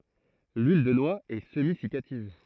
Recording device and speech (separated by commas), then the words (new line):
throat microphone, read sentence
L'huile de noix est semi-siccative.